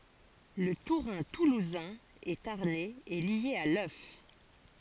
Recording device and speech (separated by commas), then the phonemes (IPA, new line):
forehead accelerometer, read sentence
lə tuʁɛ̃ tuluzɛ̃ e taʁnɛz ɛ lje a lœf